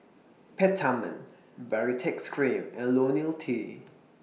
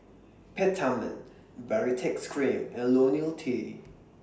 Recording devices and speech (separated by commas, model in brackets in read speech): mobile phone (iPhone 6), standing microphone (AKG C214), read sentence